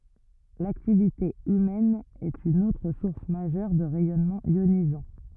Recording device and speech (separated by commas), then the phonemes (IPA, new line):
rigid in-ear microphone, read sentence
laktivite ymɛn ɛt yn otʁ suʁs maʒœʁ də ʁɛjɔnmɑ̃z jonizɑ̃